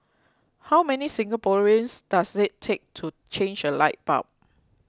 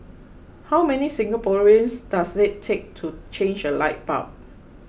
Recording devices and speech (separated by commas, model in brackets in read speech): close-talking microphone (WH20), boundary microphone (BM630), read sentence